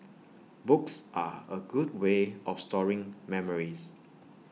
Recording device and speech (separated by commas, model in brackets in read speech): mobile phone (iPhone 6), read sentence